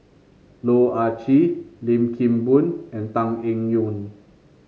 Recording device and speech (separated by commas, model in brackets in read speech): mobile phone (Samsung C5), read sentence